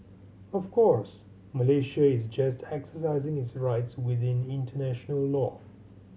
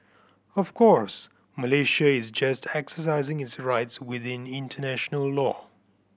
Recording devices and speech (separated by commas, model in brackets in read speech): mobile phone (Samsung C7100), boundary microphone (BM630), read sentence